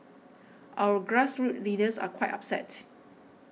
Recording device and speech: mobile phone (iPhone 6), read sentence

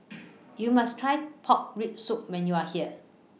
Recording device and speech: mobile phone (iPhone 6), read sentence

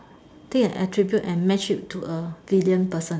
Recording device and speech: standing microphone, conversation in separate rooms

